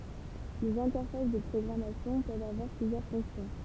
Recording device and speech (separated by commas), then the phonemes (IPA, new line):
temple vibration pickup, read sentence
lez ɛ̃tɛʁfas də pʁɔɡʁamasjɔ̃ pøvt avwaʁ plyzjœʁ fɔ̃ksjɔ̃